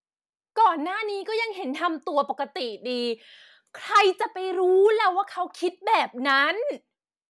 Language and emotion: Thai, angry